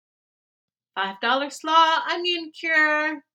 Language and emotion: English, happy